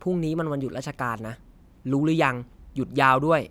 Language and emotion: Thai, frustrated